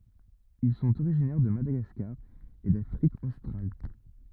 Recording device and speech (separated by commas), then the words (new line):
rigid in-ear microphone, read sentence
Ils sont originaires de Madagascar et d'Afrique australe.